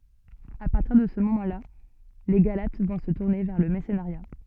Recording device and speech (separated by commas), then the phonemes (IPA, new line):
soft in-ear microphone, read sentence
a paʁtiʁ də sə momɑ̃ la le ɡalat vɔ̃ sə tuʁne vɛʁ lə mɛʁsənəʁja